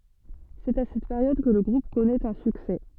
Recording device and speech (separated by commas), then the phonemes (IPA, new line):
soft in-ear microphone, read sentence
sɛt a sɛt peʁjɔd kə lə ɡʁup kɔnɛt œ̃ syksɛ